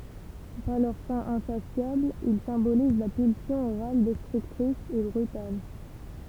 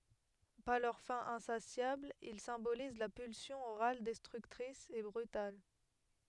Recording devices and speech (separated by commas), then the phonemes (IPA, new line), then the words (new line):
temple vibration pickup, headset microphone, read sentence
paʁ lœʁ fɛ̃ ɛ̃sasjabl il sɛ̃boliz la pylsjɔ̃ oʁal dɛstʁyktʁis e bʁytal
Par leur faim insatiable, ils symbolisent la pulsion orale destructrice et brutale.